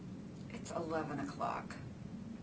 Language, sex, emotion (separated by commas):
English, female, neutral